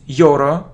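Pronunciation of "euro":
'Euro' is pronounced incorrectly here.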